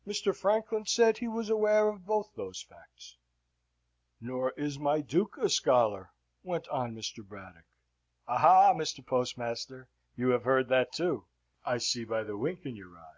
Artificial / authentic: authentic